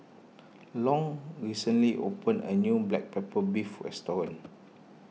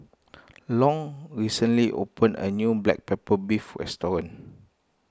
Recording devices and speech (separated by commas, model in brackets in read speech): mobile phone (iPhone 6), close-talking microphone (WH20), read sentence